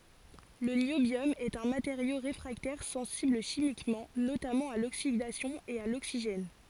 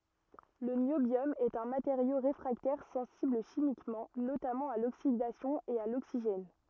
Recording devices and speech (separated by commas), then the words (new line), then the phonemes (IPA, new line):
forehead accelerometer, rigid in-ear microphone, read sentence
Le niobium est un matériau réfractaire sensible chimiquement, notamment à l'oxydation et à l'oxygène.
lə njobjɔm ɛt œ̃ mateʁjo ʁefʁaktɛʁ sɑ̃sibl ʃimikmɑ̃ notamɑ̃ a loksidasjɔ̃ e a loksiʒɛn